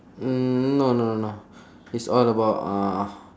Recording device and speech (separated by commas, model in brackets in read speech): standing microphone, conversation in separate rooms